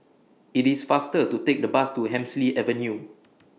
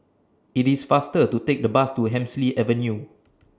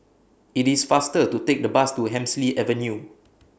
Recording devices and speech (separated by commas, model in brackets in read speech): mobile phone (iPhone 6), standing microphone (AKG C214), boundary microphone (BM630), read sentence